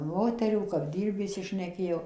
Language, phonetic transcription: Lithuanian, ˈmoterių kap ˈdyrbi išsiˈšnekėjo

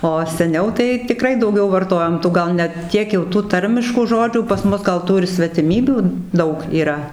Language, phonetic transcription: Lithuanian, o seˈniau tai tiˈkrai dauˈgiau varˈtojom ˈtų ˈgal ne ˈtiek jau tų ˈtarmiškų ˈžodžių pas ˈmus ˈgal ˈtų ir svetiˈmybių ˈdaug yˈra

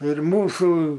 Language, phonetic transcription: Lithuanian, ir ˈmūsų

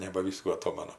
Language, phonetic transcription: Lithuanian, nebaˈvyskų aˈtomanu

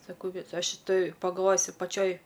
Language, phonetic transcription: Lithuanian, saˈkau viˈsoj šiˈtoj pagalˈvojus ir paˈčioj

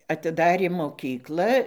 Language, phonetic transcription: Lithuanian, atiˈdarė moˈkykla

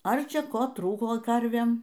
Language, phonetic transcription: Lithuanian, ˈar ˈčia ˈko ˈtrūko ˈkarvėm

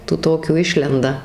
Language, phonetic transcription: Lithuanian, tų ˈtokių ˈišlenda

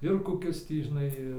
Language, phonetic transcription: Lithuanian, ir koˈkis ˈtį žiˈnai

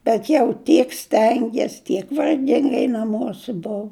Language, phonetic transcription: Lithuanian, bet jau ˈtiek ˈstengies tiek varˈgingai naˈmuosi ˈbuu

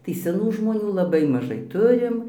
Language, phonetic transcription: Lithuanian, tai seˈnų žmoˈnių laˈbai maˈžai ˈturim

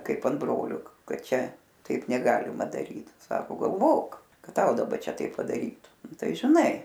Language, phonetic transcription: Lithuanian, ˈkaip an ˈbrolio ˈkad ˈčia ˈtaip neˈgalima daˈryt ˈsako galˈvok ˈkad ˈtau daˈba ˈčia ˈtaip padaˈrytu ˈnu ˈtai žiˈnai

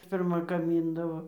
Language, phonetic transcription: Lithuanian, pirˈma gaˈmyndavo

